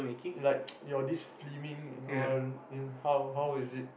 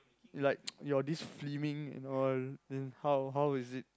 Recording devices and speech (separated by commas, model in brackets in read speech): boundary microphone, close-talking microphone, conversation in the same room